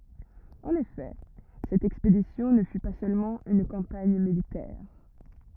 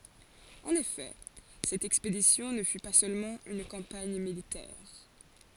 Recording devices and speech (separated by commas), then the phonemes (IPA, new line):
rigid in-ear microphone, forehead accelerometer, read sentence
ɑ̃n efɛ sɛt ɛkspedisjɔ̃ nə fy pa sølmɑ̃ yn kɑ̃paɲ militɛʁ